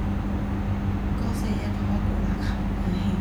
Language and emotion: Thai, frustrated